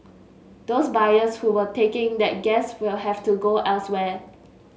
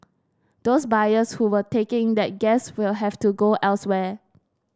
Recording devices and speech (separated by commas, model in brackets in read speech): mobile phone (Samsung S8), standing microphone (AKG C214), read sentence